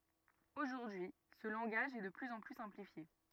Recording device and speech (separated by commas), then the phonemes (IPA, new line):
rigid in-ear microphone, read sentence
oʒuʁdyi sə lɑ̃ɡaʒ ɛ də plyz ɑ̃ ply sɛ̃plifje